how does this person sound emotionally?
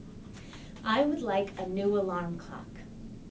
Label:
neutral